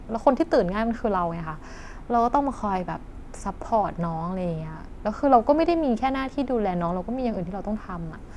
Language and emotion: Thai, frustrated